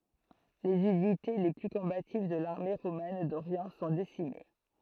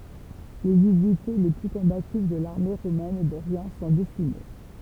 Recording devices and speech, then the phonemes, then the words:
throat microphone, temple vibration pickup, read sentence
lez ynite le ply kɔ̃bativ də laʁme ʁomɛn doʁjɑ̃ sɔ̃ desime
Les unités les plus combatives de l'armée romaine d'Orient sont décimées.

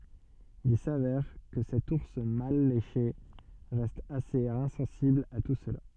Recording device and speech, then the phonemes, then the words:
soft in-ear microphone, read sentence
il savɛʁ kə sɛt uʁs mal leʃe ʁɛst asez ɛ̃sɑ̃sibl a tu səla
Il s'avère que cet ours mal léché reste assez insensible à tout cela.

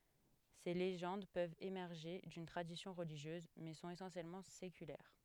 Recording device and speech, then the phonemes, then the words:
headset microphone, read sentence
se leʒɑ̃d pøvt emɛʁʒe dyn tʁadisjɔ̃ ʁəliʒjøz mɛ sɔ̃t esɑ̃sjɛlmɑ̃ sekylɛʁ
Ces légendes peuvent émerger d'une tradition religieuse, mais sont essentiellement séculaires.

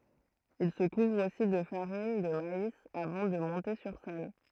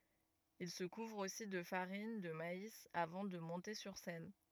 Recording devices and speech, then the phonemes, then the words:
throat microphone, rigid in-ear microphone, read sentence
il sə kuvʁ osi də faʁin də mais avɑ̃ də mɔ̃te syʁ sɛn
Il se couvre aussi de farine de maïs avant de monter sur scène.

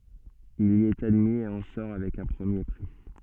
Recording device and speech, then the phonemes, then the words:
soft in-ear microphone, read sentence
il i ɛt admi e ɑ̃ sɔʁ avɛk œ̃ pʁəmje pʁi
Il y est admis et en sort avec un premier prix.

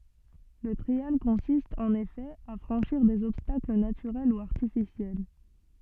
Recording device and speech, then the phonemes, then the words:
soft in-ear microphone, read sentence
lə tʁial kɔ̃sist ɑ̃n efɛ a fʁɑ̃ʃiʁ dez ɔbstakl natyʁɛl u aʁtifisjɛl
Le trial consiste, en effet, à franchir des obstacles naturels ou artificiels.

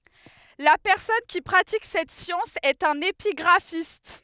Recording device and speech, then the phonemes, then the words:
headset microphone, read sentence
la pɛʁsɔn ki pʁatik sɛt sjɑ̃s ɛt œ̃n epiɡʁafist
La personne qui pratique cette science est un épigraphiste.

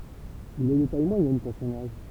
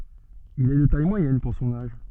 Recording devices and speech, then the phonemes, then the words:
temple vibration pickup, soft in-ear microphone, read sentence
il ɛ də taj mwajɛn puʁ sɔ̃n aʒ
Il est de taille moyenne pour son âge.

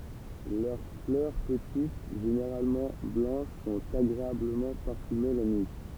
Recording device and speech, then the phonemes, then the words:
temple vibration pickup, read sentence
lœʁ flœʁ pətit ʒeneʁalmɑ̃ blɑ̃ʃ sɔ̃t aɡʁeabləmɑ̃ paʁfyme la nyi
Leurs fleurs petites, généralement blanches sont agréablement parfumées la nuit.

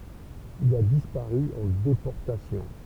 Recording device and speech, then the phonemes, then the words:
temple vibration pickup, read sentence
il a dispaʁy ɑ̃ depɔʁtasjɔ̃
Il a disparu en déportation.

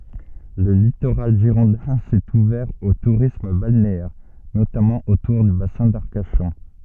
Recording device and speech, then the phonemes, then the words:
soft in-ear microphone, read sentence
lə litoʁal ʒiʁɔ̃dɛ̃ sɛt uvɛʁ o tuʁism balneɛʁ notamɑ̃ otuʁ dy basɛ̃ daʁkaʃɔ̃
Le littoral girondin s'est ouvert au tourisme balnéaire, notamment autour du bassin d'Arcachon.

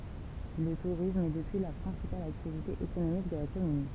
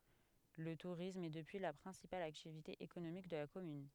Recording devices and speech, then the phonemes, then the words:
temple vibration pickup, headset microphone, read sentence
lə tuʁism ɛ dəpyi la pʁɛ̃sipal aktivite ekonomik də la kɔmyn
Le tourisme est depuis la principale activité économique de la commune.

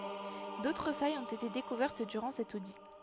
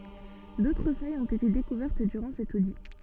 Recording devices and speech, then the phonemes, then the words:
headset microphone, soft in-ear microphone, read sentence
dotʁ fajz ɔ̃t ete dekuvɛʁt dyʁɑ̃ sɛt odi
D'autres failles ont été découvertes durant cet audit.

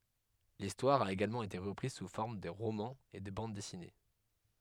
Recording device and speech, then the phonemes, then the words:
headset microphone, read sentence
listwaʁ a eɡalmɑ̃ ete ʁəpʁiz su fɔʁm də ʁomɑ̃z e də bɑ̃d dɛsine
L'histoire a également été reprise sous forme de romans et de bandes dessinées.

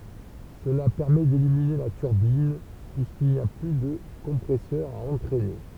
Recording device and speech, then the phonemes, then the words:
temple vibration pickup, read sentence
səla pɛʁmɛ delimine la tyʁbin pyiskil ni a ply də kɔ̃pʁɛsœʁ a ɑ̃tʁɛne
Cela permet d'éliminer la turbine, puisqu'il n'y a plus de compresseur à entraîner.

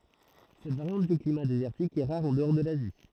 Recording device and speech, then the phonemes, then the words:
throat microphone, read sentence
sɛt vaʁjɑ̃t dy klima dezɛʁtik ɛ ʁaʁ ɑ̃dɔʁ də lazi
Cette variante du climat désertique est rare en-dehors de l'Asie.

